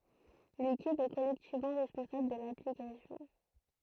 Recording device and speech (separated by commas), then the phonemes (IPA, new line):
throat microphone, read sentence
lekip ɛ kɔlɛktivmɑ̃ ʁɛspɔ̃sabl də laplikasjɔ̃